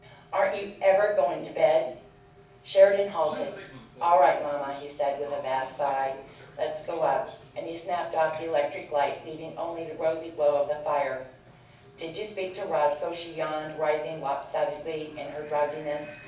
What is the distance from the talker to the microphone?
5.8 m.